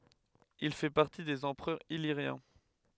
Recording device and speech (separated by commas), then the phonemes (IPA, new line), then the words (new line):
headset microphone, read sentence
il fɛ paʁti dez ɑ̃pʁœʁz iliʁjɛ̃
Il fait partie des empereurs illyriens.